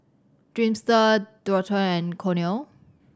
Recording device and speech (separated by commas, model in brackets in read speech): standing microphone (AKG C214), read sentence